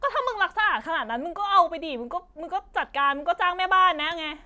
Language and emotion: Thai, angry